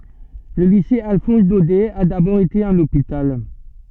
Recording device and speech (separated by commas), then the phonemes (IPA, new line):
soft in-ear microphone, read sentence
lə lise alfɔ̃s dodɛ a dabɔʁ ete œ̃n opital